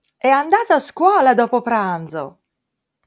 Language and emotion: Italian, happy